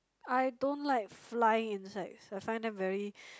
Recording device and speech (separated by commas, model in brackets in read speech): close-talking microphone, conversation in the same room